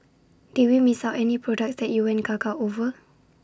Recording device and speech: standing microphone (AKG C214), read sentence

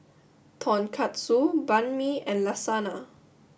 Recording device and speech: boundary microphone (BM630), read sentence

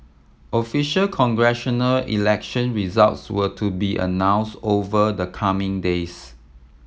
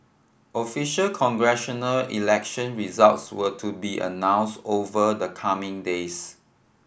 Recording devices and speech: mobile phone (iPhone 7), boundary microphone (BM630), read sentence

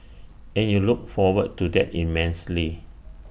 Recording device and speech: boundary microphone (BM630), read sentence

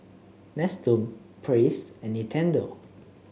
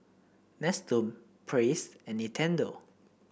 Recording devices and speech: mobile phone (Samsung C7), boundary microphone (BM630), read sentence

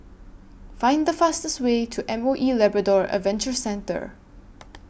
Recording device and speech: boundary microphone (BM630), read sentence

